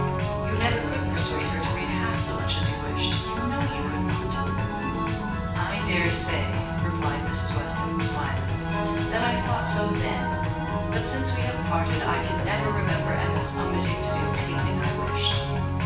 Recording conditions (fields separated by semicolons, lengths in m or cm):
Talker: one person; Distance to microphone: 9.8 m; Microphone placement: far; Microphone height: 1.8 m; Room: large; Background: music